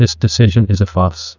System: TTS, neural waveform model